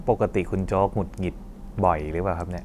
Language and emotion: Thai, neutral